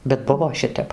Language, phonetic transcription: Lithuanian, bet ˈbuvo ˈšitep

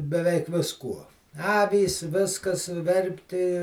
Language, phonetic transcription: Lithuanian, beˈveik visˈkuo ˈavys ˈviskas ˈverpti

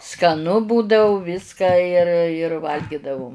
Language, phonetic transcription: Lithuanian, skaˈnu ˈbūdau ˈviska jir jir ˈvalgidavum

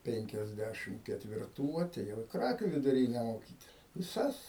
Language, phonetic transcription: Lithuanian, ˈpenkiasˌdæšim ketvirˈtų ateˈjau i ˈkrakių viduˈryne moˈkytis viˈsas

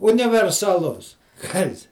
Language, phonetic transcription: Lithuanian, universaˈlus ˈkas

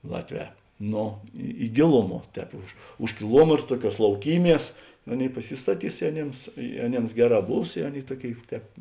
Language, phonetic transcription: Lithuanian, ˈlatˌvē ˈno i i ˈgėluˌmuo ˈtēp už už kiˈluometr ˈtuoˌkiuos lauˈkyˌmies ˈaˌnėi paˈsistaˌtys i aˈnėms i aˈnėms ˈgeˌrā ˈbūs i ˈaˌnėi ˈtuoˌkėi ˈtēp

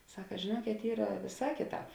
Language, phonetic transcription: Lithuanian, ˈsaka žėˈnuokėt ˈyra ˈvėˌsā ˈkėˌtāp

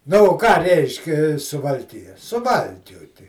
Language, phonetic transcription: Lithuanian, ˈnu o ˈką ˈreiškia suvalˈkija suˈvalkiuoti

